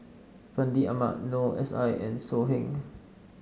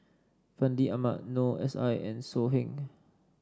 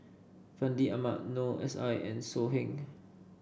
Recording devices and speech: mobile phone (Samsung S8), standing microphone (AKG C214), boundary microphone (BM630), read sentence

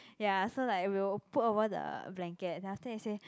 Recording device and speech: close-talking microphone, conversation in the same room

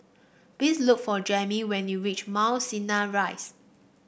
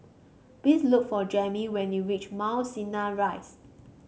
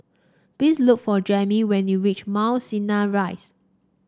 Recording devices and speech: boundary microphone (BM630), mobile phone (Samsung C5), standing microphone (AKG C214), read sentence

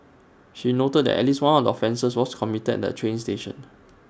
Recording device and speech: standing microphone (AKG C214), read sentence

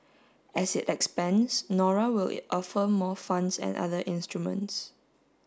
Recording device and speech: standing microphone (AKG C214), read sentence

